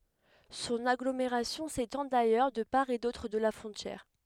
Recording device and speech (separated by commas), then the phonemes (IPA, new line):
headset microphone, read sentence
sɔ̃n aɡlomeʁasjɔ̃ setɑ̃ dajœʁ də paʁ e dotʁ də la fʁɔ̃tjɛʁ